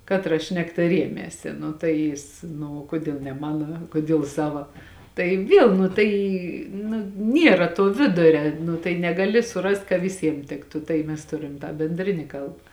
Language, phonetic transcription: Lithuanian, ˈkatra ˈšnekta ˈriemėsi ˈnu tai ˈjis ˈnu o ˈkodiel ne ˈmano ˈkodiel ˈsava ˈtai ˈviel nu ˈtai nu ˈniera tuo ˈviduria ˈnu tai negaˈli suˈrast ka viˈsiem ˈtiktu tai ˈmes ˈturim tą benˈdrini ˈkalb

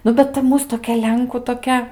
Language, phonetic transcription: Lithuanian, ˈnu bet ta ˈmūs toˈkia ˈlenkų toˈkia

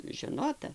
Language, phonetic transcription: Lithuanian, žeˈnota

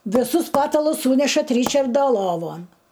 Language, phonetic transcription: Lithuanian, viˈsus ˈpatalus ˈsūnešat ˈryčarda ˈlovon

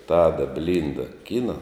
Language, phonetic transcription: Lithuanian, ˈtada ˈblinda ˈkina

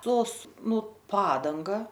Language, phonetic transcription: Lithuanian, ˈtos ˈnu ˈpadanga

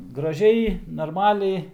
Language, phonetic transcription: Lithuanian, graˈžiai narˈmaliai

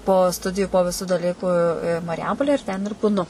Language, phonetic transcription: Lithuanian, po ˈstudiju po viˈsų daˈlyku i i marˈjampole ir ten ir būˈnu

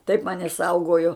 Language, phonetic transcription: Lithuanian, taip ˈmani ˈsaugojo

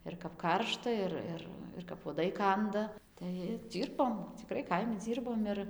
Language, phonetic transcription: Lithuanian, ir kap ˈkaršta ˈir ˈir ir kap uoˈdai ˈkanda tai ir ˈdzyrbom ciˈkrai ˈkaimi ˈdzyrbom ir

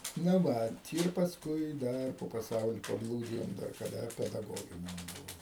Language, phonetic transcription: Lithuanian, na ˈvat ir pasˈkui ˈdar po paˈsauli paˈblūdijom dar kaˈda pedaˈgoginiam ˈbuvom

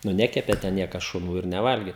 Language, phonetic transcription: Lithuanian, nu ˈnekepė te ˈniekas šuˈnų ir neˈvalgė

